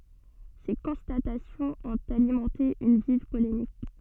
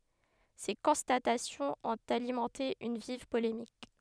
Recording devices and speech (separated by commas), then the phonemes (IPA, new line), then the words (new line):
soft in-ear microphone, headset microphone, read sentence
se kɔ̃statasjɔ̃z ɔ̃t alimɑ̃te yn viv polemik
Ces constatations ont alimenté une vive polémique.